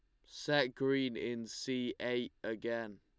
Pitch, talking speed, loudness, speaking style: 120 Hz, 130 wpm, -37 LUFS, Lombard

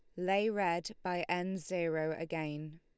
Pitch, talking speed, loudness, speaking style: 175 Hz, 140 wpm, -35 LUFS, Lombard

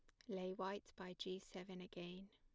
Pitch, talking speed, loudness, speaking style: 185 Hz, 180 wpm, -50 LUFS, plain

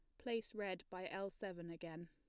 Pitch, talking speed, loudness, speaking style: 185 Hz, 190 wpm, -47 LUFS, plain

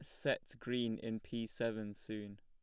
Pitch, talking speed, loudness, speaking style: 110 Hz, 165 wpm, -41 LUFS, plain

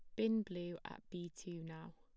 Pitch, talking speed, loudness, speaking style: 175 Hz, 205 wpm, -44 LUFS, plain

